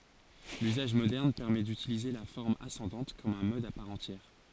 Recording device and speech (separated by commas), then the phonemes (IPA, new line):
forehead accelerometer, read sentence
lyzaʒ modɛʁn pɛʁmɛ dytilize la fɔʁm asɑ̃dɑ̃t kɔm œ̃ mɔd a paʁ ɑ̃tjɛʁ